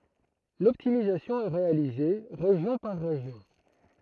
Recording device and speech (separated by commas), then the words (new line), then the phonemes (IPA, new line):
throat microphone, read sentence
L'optimisation est réalisée région par région.
lɔptimizasjɔ̃ ɛ ʁealize ʁeʒjɔ̃ paʁ ʁeʒjɔ̃